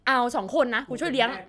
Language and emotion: Thai, happy